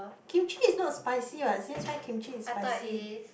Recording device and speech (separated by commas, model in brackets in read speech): boundary microphone, conversation in the same room